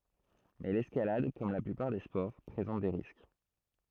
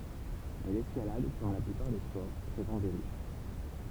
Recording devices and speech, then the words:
throat microphone, temple vibration pickup, read sentence
Mais l'escalade, comme la plupart des sports, présente des risques.

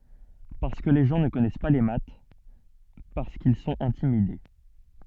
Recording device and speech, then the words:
soft in-ear microphone, read sentence
Parce que les gens ne connaissent pas les maths, parce qu’ils sont intimidés.

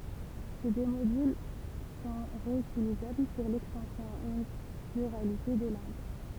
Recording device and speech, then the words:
temple vibration pickup, read sentence
Ces deux modules sont réutilisables pour l'extension à une pluralité de langues.

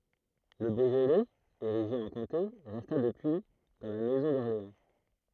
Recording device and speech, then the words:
throat microphone, read sentence
Le Beaujolais, érigé en comté, resta depuis dans la maison d'Orléans.

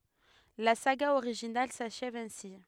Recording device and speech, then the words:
headset microphone, read sentence
La saga originale s’achève ainsi.

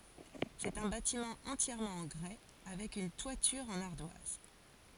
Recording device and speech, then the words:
forehead accelerometer, read sentence
C'est un bâtiment entièrement en grès, avec une toiture en ardoise.

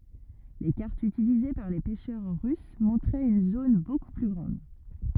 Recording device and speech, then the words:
rigid in-ear microphone, read sentence
Les cartes utilisées par les pêcheurs russes montraient une zone beaucoup plus grande.

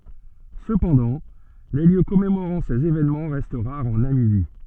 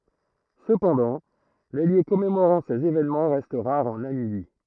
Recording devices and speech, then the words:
soft in-ear microphone, throat microphone, read sentence
Cependant, les lieux commémorant ces événements restent rares en Namibie.

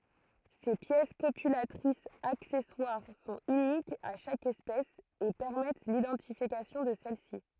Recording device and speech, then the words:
throat microphone, read sentence
Ces pièces copulatrices accessoires sont uniques à chaque espèce et permettent l'identification de celle-ci.

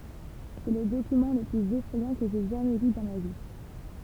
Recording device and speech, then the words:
temple vibration pickup, read sentence
C'est le document le plus effrayant que j'aie jamais lu dans ma vie.

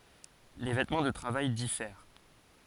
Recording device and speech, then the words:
forehead accelerometer, read sentence
Les vêtements de travail diffèrent.

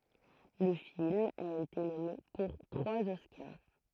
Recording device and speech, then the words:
throat microphone, read sentence
Le film a été nommé pour trois Oscars.

